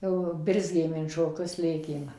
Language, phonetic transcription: Lithuanian, jau ˈbirzgėm in šoˈkius ˈlėkėm

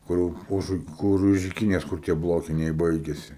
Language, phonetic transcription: Lithuanian, ˈkur jau ˈuž ˈkur už iˈkinės ˈkur tie ˈblokiniai ˈbaigiasi

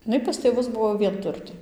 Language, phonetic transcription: Lithuanian, iˈnai pas tėˈvus ˈbuvo vienˈturtė

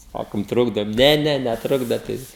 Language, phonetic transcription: Lithuanian, ˈsakom ˈtrukdom ˈne ˈne neˈtrukdat ˈtai

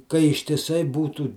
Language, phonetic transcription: Lithuanian, ka ištiˈsai ˈbūtų

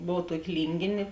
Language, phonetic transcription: Lithuanian, ˈbov ˈtuoki ˈlyngėnė

